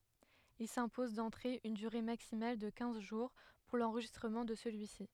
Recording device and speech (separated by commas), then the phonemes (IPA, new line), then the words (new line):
headset microphone, read sentence
il sɛ̃pozɑ̃ dɑ̃tʁe yn dyʁe maksimal də kɛ̃z ʒuʁ puʁ lɑ̃ʁʒistʁəmɑ̃ də səlyisi
Ils s'imposent d'entrée une durée maximale de quinze jours pour l'enregistrement de celui-ci.